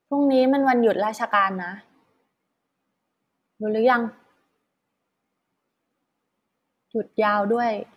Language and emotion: Thai, neutral